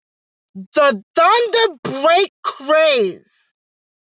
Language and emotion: English, sad